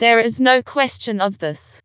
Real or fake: fake